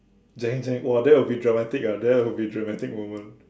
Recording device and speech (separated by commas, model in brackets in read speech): standing microphone, conversation in separate rooms